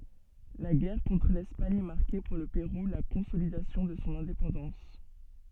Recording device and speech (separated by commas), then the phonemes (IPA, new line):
soft in-ear microphone, read sentence
la ɡɛʁ kɔ̃tʁ lɛspaɲ maʁkɛ puʁ lə peʁu la kɔ̃solidasjɔ̃ də sɔ̃ ɛ̃depɑ̃dɑ̃s